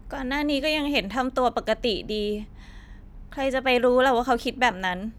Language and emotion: Thai, frustrated